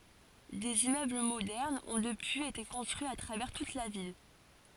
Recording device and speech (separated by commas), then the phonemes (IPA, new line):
forehead accelerometer, read sentence
dez immøbl modɛʁnz ɔ̃ dəpyiz ete kɔ̃stʁyiz a tʁavɛʁ tut la vil